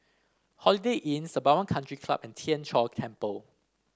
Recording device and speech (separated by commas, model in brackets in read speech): standing microphone (AKG C214), read sentence